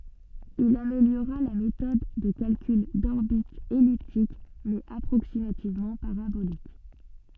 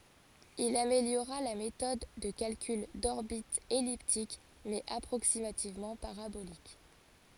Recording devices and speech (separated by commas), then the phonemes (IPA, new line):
soft in-ear microphone, forehead accelerometer, read sentence
il ameljoʁa la metɔd də kalkyl dɔʁbitz ɛliptik mɛz apʁoksimativmɑ̃ paʁabolik